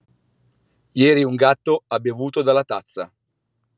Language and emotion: Italian, neutral